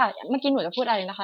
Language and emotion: Thai, neutral